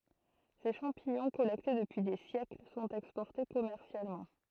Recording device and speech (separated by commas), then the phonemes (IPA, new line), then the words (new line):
throat microphone, read sentence
se ʃɑ̃piɲɔ̃ kɔlɛkte dəpyi de sjɛkl sɔ̃t ɛkspɔʁte kɔmɛʁsjalmɑ̃
Ces champignons, collectés depuis des siècles, sont exportés commercialement.